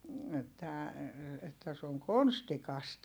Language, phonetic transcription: Finnish, että , että se oŋ konstikast .
- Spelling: että että se on konstikasta

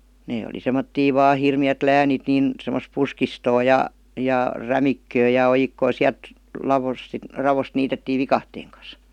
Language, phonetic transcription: Finnish, 'nee oli 'sem̀ottii 'vaa "hirmi₍ät "läänit nìn , semos 'puskistoo ja , ja "rämikköö ja 'ojikkoo "siält , 'lavos si- , 'ravost niitettii "vikahteeŋ kas .
- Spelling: ne oli semmoisia vain hirmeät läänit niin semmoista puskistoa ja ja rämikköä ja ojikkoa sieltä laossa - raosta niitettiin viikatteen kanssa

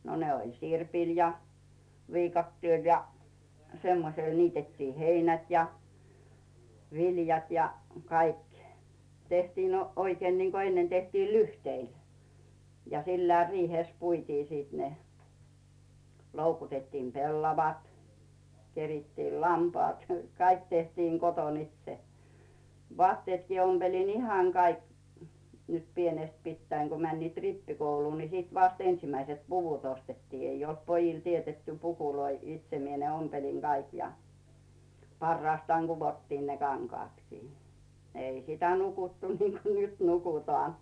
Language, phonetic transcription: Finnish, no ne oĺ 'sirpil ja , 'viikattièl ja 'semmosel 'niitettii "heinät ja , 'viljat ja , 'kaik , 'tehtiin no- , oikeen niŋko ennen tehtii "lyhteil , ja 'sillää "riihès 'puitii siit ne , 'loukutettiim "pellavat , 'kerittiil "lampᵒàt , 'kaik tehtiiŋ 'koton ‿"itse , 'vᵒàttiètkii 'omBelin "ihàŋ 'kaik , nyt 'pienest 'pittäiŋ ku 'männiit "rippikouluu ni "sit vast 'ensimäise̳t "puvut 'ostettii 'ei olt pojil tietetty "pukuloi "itse 'mie ne 'ompeliŋ 'Gaik ja , parraastaaŋ 'Guvottiin ne 'kaŋkᵒàtkii , 'ei sitä "nukuttu niiŋko "nyt 'nukutòàn .
- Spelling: no ne oli sirpillä ja viikatteella ja semmoisella niitettiin heinät ja viljat ja kaikki tehtiin - oikein niin kuin ennen tehtiin lyhteille ja sillä riihessä puitiin sitten ne loukutettiin pellavat kerittiin lampaat kaikki tehtiin kotona itse vaatteetkin ompelin ihan kaikki nyt pienestä pitäen kun menivät rippikouluun niin sitten vasta ensimmäiset puvut ostettiin ei ollut pojille teetetty pukuja itse minä ne ompelin kaikki ja parastaan kudottiin ne kankaatkin ei sitä nukuttu niin kuin nyt nukutaan

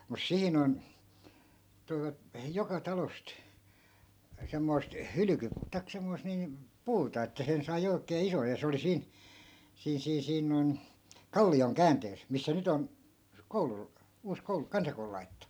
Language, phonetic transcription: Finnish, mus 'siin ‿on , toivat , 'joka 'talost , semmoi̮st 'hylyky- , taik 'semmoist niim , "puuta että 'sen sai oikee 'isoj ja 'se oli 'siin , 'siin̬ 'siin̬ 'siin noi̮n , "kalli₍oŋ "kääntees , missä 'nyt ‿on , 'koulu , uus 'koulu "kansakoulu lai̮tᵉttu .
- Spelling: mutta siinä on toivat joka talosta semmoista - tai semmoista niin puuta että sen sai oikein ison ja se oli siinä siinä siinä siinä noin kallion käänteessä missä nyt on koulu uusi koulu kansakoulu laitettu

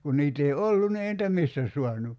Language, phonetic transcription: Finnish, kun 'niit ‿ei "ollun ni 'ei nitä "mistä suanu .
- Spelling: kun niitä ei ollut niin ei niitä mistä saanut

